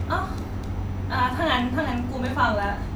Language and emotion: Thai, frustrated